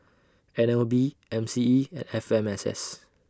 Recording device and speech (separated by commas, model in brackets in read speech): standing microphone (AKG C214), read sentence